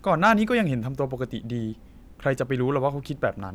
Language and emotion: Thai, frustrated